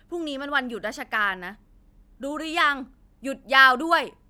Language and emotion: Thai, angry